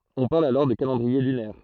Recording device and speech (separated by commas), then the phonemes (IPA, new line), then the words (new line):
throat microphone, read sentence
ɔ̃ paʁl alɔʁ də kalɑ̃dʁie lynɛʁ
On parle alors de calendrier lunaire.